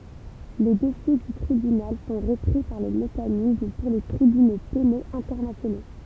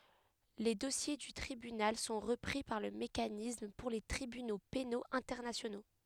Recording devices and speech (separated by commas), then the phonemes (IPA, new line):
temple vibration pickup, headset microphone, read sentence
le dɔsje dy tʁibynal sɔ̃ ʁəpʁi paʁ lə mekanism puʁ le tʁibyno penoz ɛ̃tɛʁnasjono